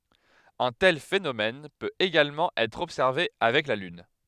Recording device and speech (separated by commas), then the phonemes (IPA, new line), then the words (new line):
headset microphone, read sentence
œ̃ tɛl fenomɛn pøt eɡalmɑ̃ ɛtʁ ɔbsɛʁve avɛk la lyn
Un tel phénomène peut également être observé avec la Lune.